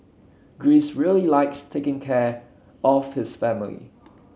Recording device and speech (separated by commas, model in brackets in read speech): mobile phone (Samsung C7), read sentence